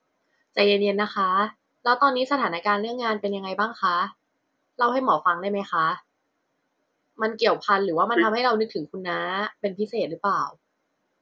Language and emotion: Thai, neutral